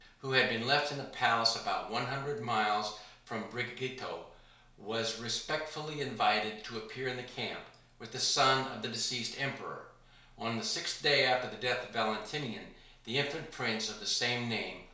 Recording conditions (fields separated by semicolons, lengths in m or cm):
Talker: one person; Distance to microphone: 1.0 m; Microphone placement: close; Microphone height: 1.1 m; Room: small (3.7 m by 2.7 m); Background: none